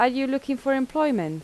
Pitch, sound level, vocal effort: 270 Hz, 84 dB SPL, normal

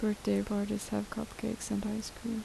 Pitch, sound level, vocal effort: 210 Hz, 74 dB SPL, soft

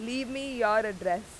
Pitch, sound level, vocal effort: 220 Hz, 93 dB SPL, very loud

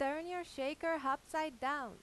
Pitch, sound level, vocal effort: 290 Hz, 93 dB SPL, very loud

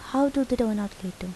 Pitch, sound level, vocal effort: 215 Hz, 78 dB SPL, soft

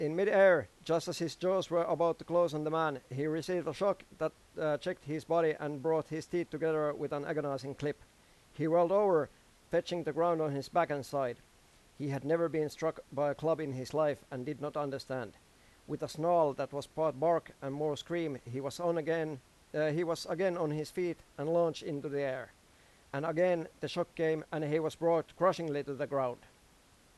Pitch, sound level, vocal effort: 155 Hz, 93 dB SPL, loud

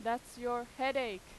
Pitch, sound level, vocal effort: 240 Hz, 93 dB SPL, very loud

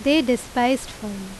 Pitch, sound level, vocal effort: 245 Hz, 85 dB SPL, loud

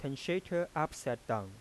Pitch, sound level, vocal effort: 140 Hz, 88 dB SPL, soft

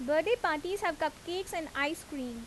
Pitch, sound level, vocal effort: 315 Hz, 86 dB SPL, loud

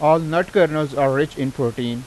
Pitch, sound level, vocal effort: 145 Hz, 91 dB SPL, loud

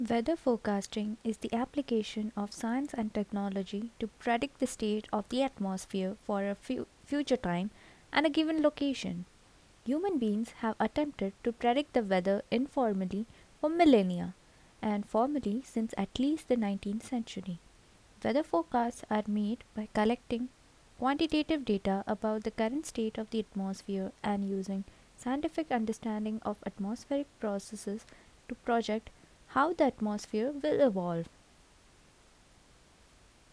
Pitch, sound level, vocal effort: 220 Hz, 75 dB SPL, soft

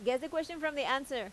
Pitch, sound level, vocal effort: 270 Hz, 90 dB SPL, loud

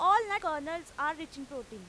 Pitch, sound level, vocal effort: 310 Hz, 99 dB SPL, very loud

